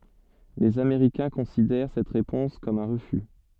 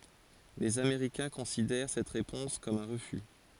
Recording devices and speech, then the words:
soft in-ear microphone, forehead accelerometer, read sentence
Les Américains considèrent cette réponse comme un refus.

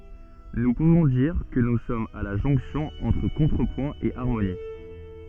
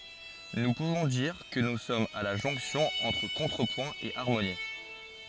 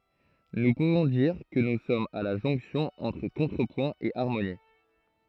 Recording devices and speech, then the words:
soft in-ear microphone, forehead accelerometer, throat microphone, read sentence
Nous pouvons dire que nous sommes à la jonction entre contrepoint et harmonie.

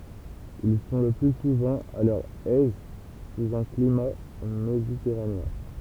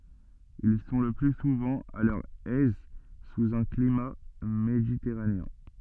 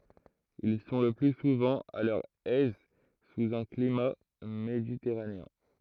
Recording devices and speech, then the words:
temple vibration pickup, soft in-ear microphone, throat microphone, read sentence
Ils sont le plus souvent à leur aise sous un climat méditerranéen.

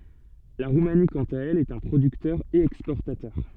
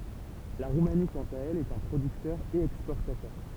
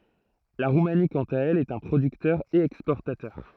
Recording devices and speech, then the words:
soft in-ear microphone, temple vibration pickup, throat microphone, read sentence
La Roumanie quant à elle est un producteur et exportateur.

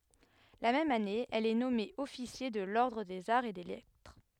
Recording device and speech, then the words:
headset microphone, read sentence
La même année, elle est nommée officier de l'ordre des Arts et des Lettres.

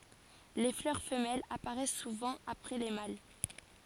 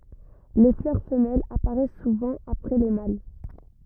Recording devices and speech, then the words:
forehead accelerometer, rigid in-ear microphone, read sentence
Les fleurs femelles apparaissent souvent après les mâles.

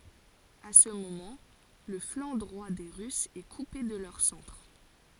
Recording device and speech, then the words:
forehead accelerometer, read sentence
À ce moment, le flanc droit des Russes est coupé de leur centre.

